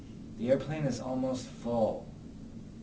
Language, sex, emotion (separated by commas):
English, male, neutral